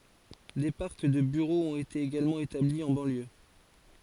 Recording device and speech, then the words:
forehead accelerometer, read sentence
Des parcs de bureaux ont été également établis en banlieue.

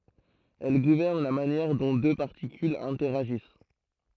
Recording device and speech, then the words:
throat microphone, read sentence
Elle gouverne la manière dont deux particules interagissent.

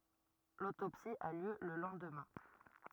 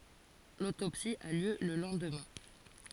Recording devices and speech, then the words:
rigid in-ear microphone, forehead accelerometer, read sentence
L'autopsie a lieu le lendemain.

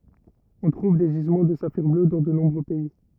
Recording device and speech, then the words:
rigid in-ear microphone, read sentence
On trouve des gisements de saphirs bleus dans de nombreux pays.

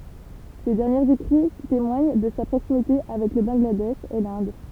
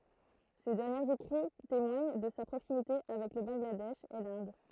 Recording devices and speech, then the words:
temple vibration pickup, throat microphone, read sentence
Ses derniers écrits témoignent de sa proximité avec le Bangladesh et l'Inde.

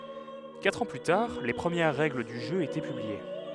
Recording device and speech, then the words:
headset microphone, read sentence
Quatre ans plus tard, les premières règles du jeu étaient publiées.

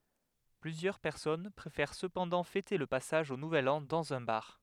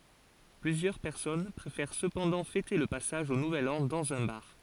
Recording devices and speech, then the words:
headset microphone, forehead accelerometer, read sentence
Plusieurs personnes préfèrent cependant fêter le passage au nouvel an dans un bar.

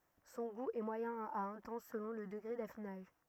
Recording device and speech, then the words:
rigid in-ear microphone, read sentence
Son goût est moyen à intense selon le degré d'affinage.

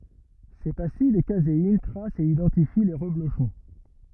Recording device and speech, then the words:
rigid in-ear microphone, read sentence
Ces pastilles de caséine tracent et identifient les reblochons.

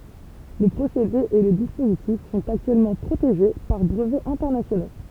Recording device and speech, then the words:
temple vibration pickup, read sentence
Le procédé et le dispositif sont actuellement protégés par brevets internationaux.

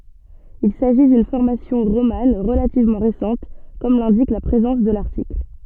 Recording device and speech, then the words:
soft in-ear microphone, read sentence
Il s'agit d'une formation romane relativement récente comme l'indique la présence de l'article.

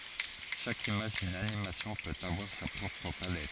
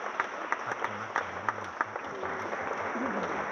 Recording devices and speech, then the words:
forehead accelerometer, rigid in-ear microphone, read sentence
Chaque image d'une animation peut avoir sa propre palette.

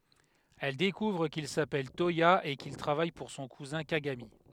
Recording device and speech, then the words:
headset microphone, read sentence
Elle découvre qu'il s'appelle Toya et qu'il travaille pour son cousin Kagami.

